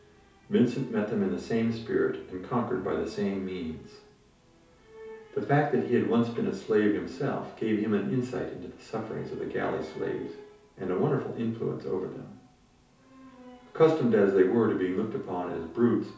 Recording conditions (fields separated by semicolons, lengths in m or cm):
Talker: one person; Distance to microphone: 3.0 m; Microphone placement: far; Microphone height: 1.8 m; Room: small (3.7 m by 2.7 m); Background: television